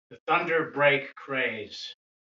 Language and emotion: English, angry